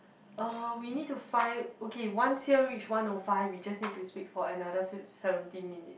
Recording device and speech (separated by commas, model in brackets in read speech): boundary microphone, conversation in the same room